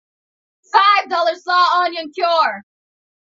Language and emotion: English, neutral